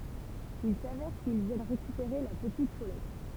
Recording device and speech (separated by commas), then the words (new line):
temple vibration pickup, read sentence
Il s'avère qu'ils viennent récupérer la petite Paulette.